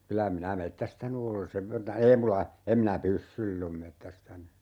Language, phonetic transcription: Finnish, 'kylä 'minä "mettästäny ole 'sev verta , "ei mula , 'em minä "pyssyill ‿om 'mettästäny .
- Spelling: kyllä minä metsästänyt olen sen verta ei minulla en minä pyssyillä ole metsästänyt

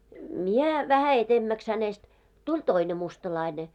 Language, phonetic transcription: Finnish, 'mie , vähä 'etemmäks hänest , 'tuĺ "toine mustalaine .
- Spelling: minä vähän edemmäksi hänestä tuli toinen mustalainen

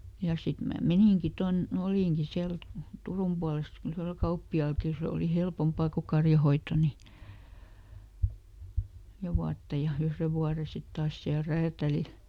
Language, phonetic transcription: Finnish, ja ˈsit mää "meniŋki ˈton , ˈolìŋki ˈsiäl , "Turum puales , ˈyhrel "kauppi₍àlki ˈsè oli ˈhelpompà ko ˈkarjahoitto nì , (nel)ˈja vuatta ja , ˈyhre vuare sit ˈtaas ˈsiäl "räätälil .
- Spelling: ja sitten minä meninkin tuonne olinkin siellä Turun puolessa yhdellä kauppiaallakin se oli helpompaa kun karjanhoito niin neljä vuotta ja yhden vuoden sitten taas siellä räätälillä

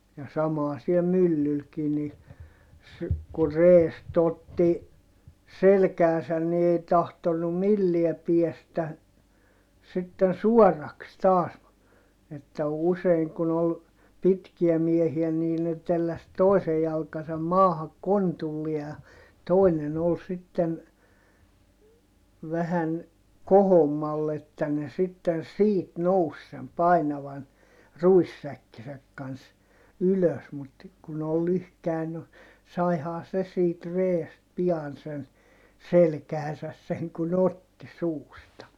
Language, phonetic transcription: Finnish, ja samà siɛ myllylkii ni , s- , ku reest ‿otti , selkääsän ni ei tahtonnum milliɛ piɛstä , sitten suɔrraks taas , että useiŋ kun ‿ol , pitkiä miehiä nii ne telläs toisej jalkasam maahak kontullie ʲa , tòinen ‿ol sitten , vähän , kohommalle että ne sitten̬ siit nous sem painavan ruissäkkisäk kans , ylös mut , kun ‿ol lyhkäi no , saihaa se siit reest pi₍an sen , selkähäsäs seŋ kun ‿otti suusta .
- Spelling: ja sama siellä myllylläkin niin - kun reestä otti selkäänsä niin ei tahtonut millään päästä sitten suoraksi taas että usein kun oli pitkiä miehiä niin ne telläsi toisen jalkansa maahan kontulleen ja toinen oli sitten vähän kohommalle että ne sitten siitä nousi sen painavan ruissäkkinsä kanssa ylös mutta kun oli lyhkäinen no saihan se siitä reestä pian sen selkäänsä sen kun otti suusta

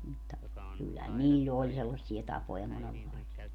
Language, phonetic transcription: Finnish, mutta , kyllähän 'niiĺ"l ‿oĺ sellassie 'tapoja monellaisia .
- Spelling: mutta kyllähän niillä oli sellaisia tapoja monenlaisia

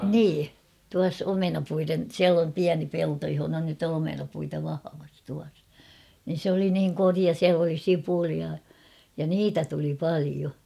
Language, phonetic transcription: Finnish, 'nii , tuas "omenapuiren , 'siäl ‿om "piäni 'pelto johona nyt ‿on 'omenapuita vahavas tuas , nin̬ sᵉ ‿oli niiŋ 'koria 'siäl ‿oli "sipulia , ja "niitä tuli "palio .
- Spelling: niin tuossa omenapuiden siellä on pieni pelto jossa nyt on omenapuita vahvassa tuossa niin se oli niin korea siellä oli sipulia ja niitä tuli paljon

